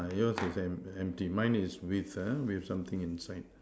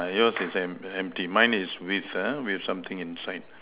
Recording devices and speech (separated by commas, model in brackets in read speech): standing microphone, telephone, conversation in separate rooms